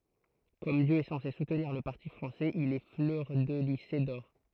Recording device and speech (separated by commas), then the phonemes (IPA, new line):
throat microphone, read sentence
kɔm djø ɛ sɑ̃se sutniʁ lə paʁti fʁɑ̃sɛz il ɛ flœʁdəlize dɔʁ